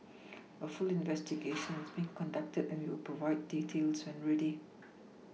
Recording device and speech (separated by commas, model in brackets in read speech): mobile phone (iPhone 6), read sentence